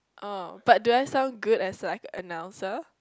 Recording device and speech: close-talking microphone, conversation in the same room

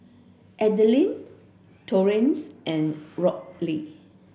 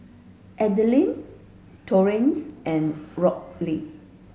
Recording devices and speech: boundary microphone (BM630), mobile phone (Samsung S8), read sentence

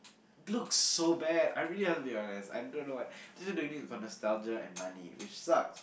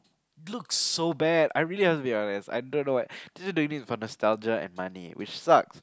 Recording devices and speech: boundary microphone, close-talking microphone, conversation in the same room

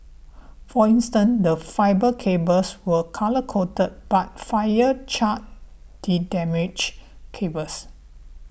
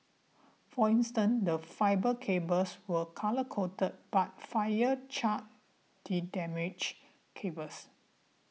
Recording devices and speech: boundary microphone (BM630), mobile phone (iPhone 6), read sentence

